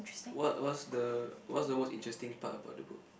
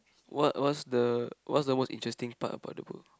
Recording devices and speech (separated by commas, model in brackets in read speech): boundary microphone, close-talking microphone, conversation in the same room